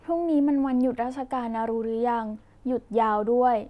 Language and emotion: Thai, neutral